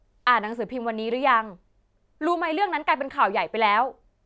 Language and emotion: Thai, frustrated